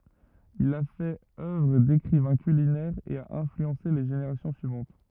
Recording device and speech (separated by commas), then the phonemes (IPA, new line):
rigid in-ear microphone, read sentence
il a fɛt œvʁ dekʁivɛ̃ kylinɛʁ e a ɛ̃flyɑ̃se le ʒeneʁasjɔ̃ syivɑ̃t